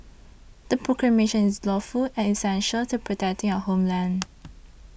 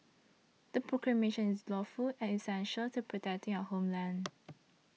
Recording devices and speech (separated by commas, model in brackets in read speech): boundary microphone (BM630), mobile phone (iPhone 6), read sentence